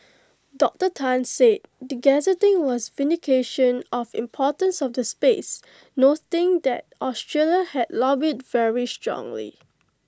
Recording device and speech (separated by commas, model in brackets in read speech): close-talking microphone (WH20), read sentence